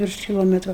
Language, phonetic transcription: Lithuanian, ˈvirš kiˈlometru

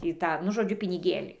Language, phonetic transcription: Lithuanian, ˈtį ˈtą nu ˈžodžiu piniˈgėlį

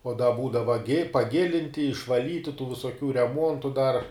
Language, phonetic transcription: Lithuanian, o da ˈbūdava gi paˈgilinti išvaˈlyti tų visoˈkių reˈmuontu dar

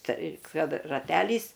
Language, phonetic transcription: Lithuanian, ˈtai ˈkad raˈtelys

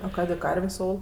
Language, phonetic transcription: Lithuanian, o ˈkadė ˈkarvės' ˈol

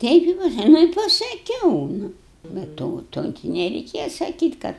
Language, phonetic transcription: Lithuanian, ˈteip i ˈpasa ˈnu i pasaˈkiau ˈnu be ˈto ˈto gi nereiˈkėja saˈkyt' ˈkad

